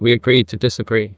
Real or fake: fake